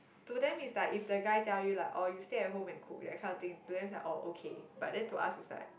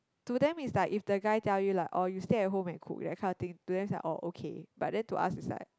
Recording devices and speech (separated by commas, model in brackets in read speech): boundary microphone, close-talking microphone, conversation in the same room